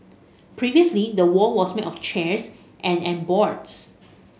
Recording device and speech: mobile phone (Samsung S8), read sentence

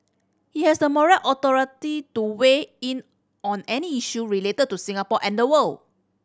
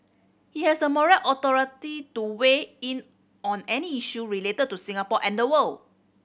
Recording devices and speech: standing microphone (AKG C214), boundary microphone (BM630), read sentence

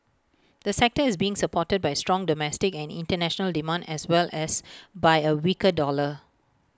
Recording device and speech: close-talking microphone (WH20), read sentence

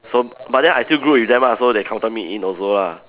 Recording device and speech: telephone, conversation in separate rooms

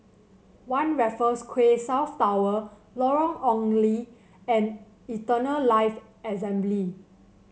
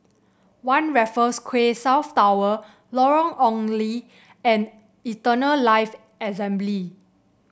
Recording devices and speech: mobile phone (Samsung C7), boundary microphone (BM630), read sentence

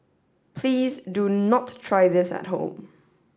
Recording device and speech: standing microphone (AKG C214), read sentence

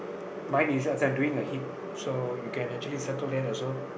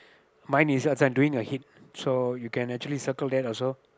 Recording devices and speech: boundary microphone, close-talking microphone, conversation in the same room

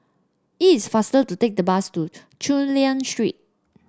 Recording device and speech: standing microphone (AKG C214), read sentence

